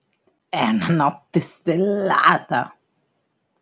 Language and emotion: Italian, disgusted